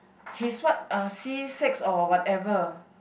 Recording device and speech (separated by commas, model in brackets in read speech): boundary microphone, conversation in the same room